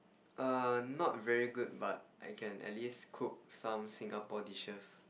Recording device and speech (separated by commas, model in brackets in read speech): boundary microphone, conversation in the same room